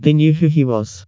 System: TTS, vocoder